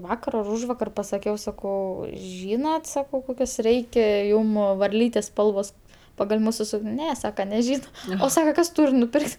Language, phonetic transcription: Lithuanian, ˈvakar ar ˈūžvakar pasaˈkiau saˈkau ˈžynat ˈsakau ˈkokias ˈreike ˈjūm varˈlytes ˈspalvos pagal' ˈmūsu ˈsūk'n' ˈne ˈsaka neˈžyna o ˈsaka ˈkas ˈtūr' nuˈpirk't'

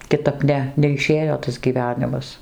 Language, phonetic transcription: Lithuanian, kiˈtap ˈne neiˈšėjo tas gyˈvenimas

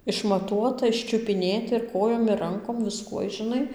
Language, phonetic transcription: Lithuanian, išmaˈtuota iščiupiˈnėti ir ˈkojom ir ˈrankom viˈskuoj žiˈnai

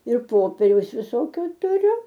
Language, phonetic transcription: Lithuanian, ir ˈpoperiaus viˈsokio tuˈriu

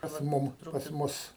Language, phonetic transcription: Lithuanian, pas ˈmum pas ˈmus

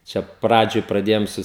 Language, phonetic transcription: Lithuanian, čia ˈpradžioj praˈdėjom ˈsu

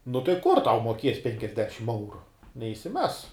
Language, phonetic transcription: Lithuanian, nu tai ˈkur tau muoˈkies ˈpenkiasdešim ˈeuru neišsiˈmes

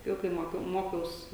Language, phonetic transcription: Lithuanian, ˈjau kai ˈmokiau ˈmokiaus

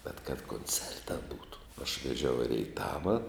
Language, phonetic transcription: Lithuanian, bet kad konˈcerta ˈbūtu aš veˈžiau i reiˈtava

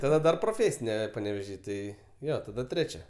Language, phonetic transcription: Lithuanian, taˈda dar proˈfėsine paneveˈžy ˈtai ˈjo taˈda ˈtrečia

